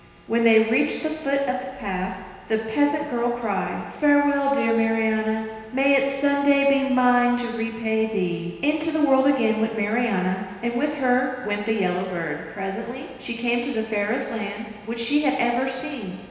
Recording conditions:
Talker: one person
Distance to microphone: 1.7 m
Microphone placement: close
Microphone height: 1.0 m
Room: very reverberant, large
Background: none

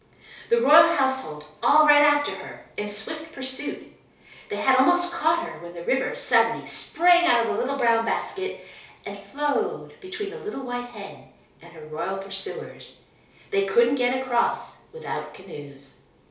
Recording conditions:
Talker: one person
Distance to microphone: 3.0 m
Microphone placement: far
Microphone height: 1.8 m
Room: small (3.7 m by 2.7 m)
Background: none

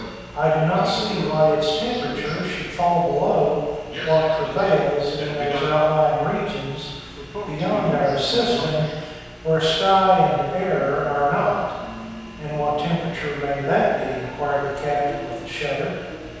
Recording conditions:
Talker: one person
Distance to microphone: 7.1 m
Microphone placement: far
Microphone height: 1.7 m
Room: very reverberant, large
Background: television

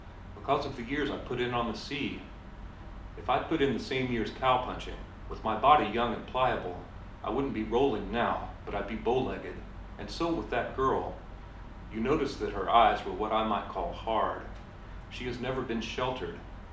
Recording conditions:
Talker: one person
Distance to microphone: 2.0 m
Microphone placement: close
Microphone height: 99 cm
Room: medium-sized (5.7 m by 4.0 m)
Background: none

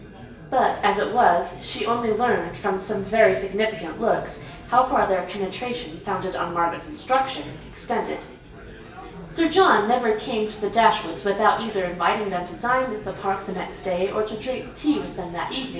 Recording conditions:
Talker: one person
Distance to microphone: 1.8 m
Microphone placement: close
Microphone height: 1.0 m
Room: large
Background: babble

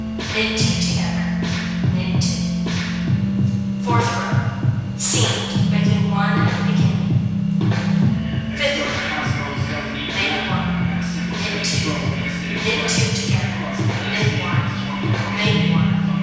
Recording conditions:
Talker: one person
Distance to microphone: 7.1 m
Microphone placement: far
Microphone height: 1.7 m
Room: very reverberant, large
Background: music

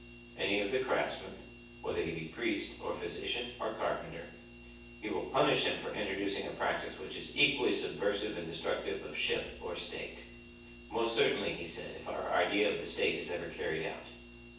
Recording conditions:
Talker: one person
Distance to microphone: 9.8 m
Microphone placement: far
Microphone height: 1.8 m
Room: large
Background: none

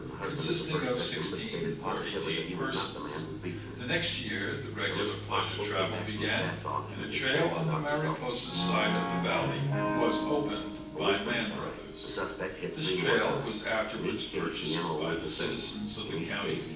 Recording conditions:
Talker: one person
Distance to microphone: 9.8 m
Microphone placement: far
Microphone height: 1.8 m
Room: large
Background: television

